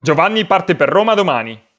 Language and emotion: Italian, angry